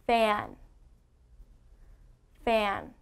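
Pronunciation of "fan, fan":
The word said twice is 'fan', not 'fang'.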